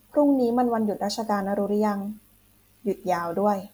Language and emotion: Thai, neutral